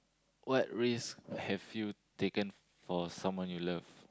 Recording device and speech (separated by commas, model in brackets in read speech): close-talking microphone, conversation in the same room